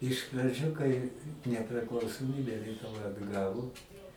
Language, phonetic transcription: Lithuanian, iš praˈdžiu kai nepriklausoˈmybe lietuˈva atˈgavo

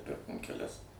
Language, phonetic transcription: Lithuanian, ˈpirkom keˈlias

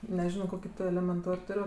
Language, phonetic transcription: Lithuanian, neˈžino ˈkoki ˈtu elemenˈtor' ˈtur'

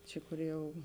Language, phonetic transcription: Lithuanian, ˈči kor ˈjau

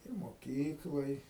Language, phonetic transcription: Lithuanian, ir moˈkykloj

